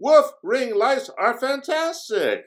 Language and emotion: English, surprised